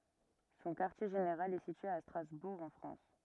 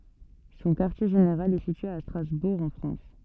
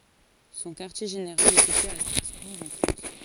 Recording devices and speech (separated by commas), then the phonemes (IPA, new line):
rigid in-ear microphone, soft in-ear microphone, forehead accelerometer, read sentence
sɔ̃ kaʁtje ʒeneʁal ɛ sitye a stʁazbuʁ ɑ̃ fʁɑ̃s